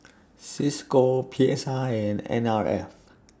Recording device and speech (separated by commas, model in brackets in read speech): standing microphone (AKG C214), read sentence